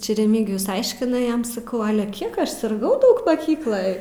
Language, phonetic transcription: Lithuanian, ˈčia reˈmygijus ˈaiškina ˈjam saˈkau ˈale ˈkiek aš sirˈgau ˈdaug maˈkykloj

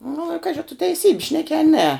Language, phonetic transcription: Lithuanian, nu i ˈkaži a tu teiˈsybi ˈšneki a ne

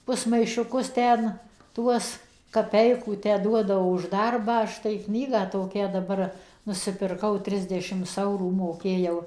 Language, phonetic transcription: Lithuanian, ˌpusmaišiuˈkus ˈten ˈtuos kaˈpeikų tę ˈduoda už ˈdarbą ˈaš tai ˈknygą toˈkią daˈbar nusipirˈkau ˈtrisdešims ˈaurų moˈkėjau

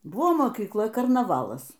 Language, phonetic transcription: Lithuanian, ˈbuvo mokykˈla karnaˈvalas

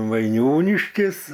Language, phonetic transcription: Lithuanian, vaiˈniūniškis

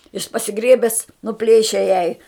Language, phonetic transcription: Lithuanian, jiš pasiˈgrėbes nuˈplėše jai

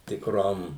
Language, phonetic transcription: Lithuanian, tikˈrom

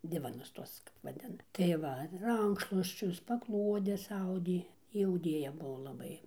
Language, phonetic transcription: Lithuanian, ˈdivanus ˈtuos va ˈten tai ˈva ˈrankšluosčius paˈkluodes ˈaudė ˈji auˈdėja ˈbuvo laˈbai

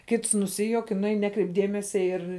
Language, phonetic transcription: Lithuanian, ˈkits nuˈsijuok i nuˈein ˈnekreip ˈdėmesia ir

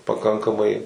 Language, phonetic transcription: Lithuanian, paˈkankamai

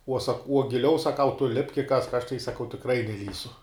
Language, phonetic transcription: Lithuanian, uo sak uo giˈliau saˈkau tu lipk i kask aš tai saˈkau tikˈrai neˈlįsiu

